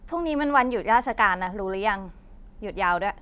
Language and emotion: Thai, frustrated